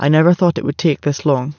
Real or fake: real